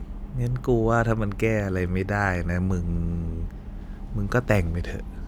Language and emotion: Thai, neutral